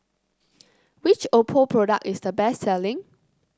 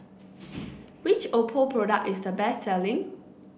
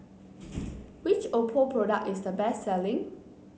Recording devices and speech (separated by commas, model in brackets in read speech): close-talking microphone (WH30), boundary microphone (BM630), mobile phone (Samsung C9), read sentence